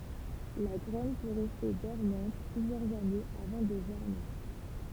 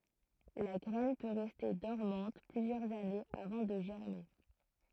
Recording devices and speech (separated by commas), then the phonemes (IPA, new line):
temple vibration pickup, throat microphone, read sentence
la ɡʁɛn pø ʁɛste dɔʁmɑ̃t plyzjœʁz anez avɑ̃ də ʒɛʁme